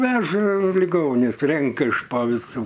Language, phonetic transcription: Lithuanian, ˈveža liˈgonius ˈrenka iš po viˈsų

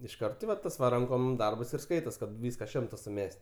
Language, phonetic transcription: Lithuanian, išˈkart ti va ˈtas va ˈrankom ˈdarbas ir ˈskaitos ˈkad ˈvyska ˈšimta suˈmes't'

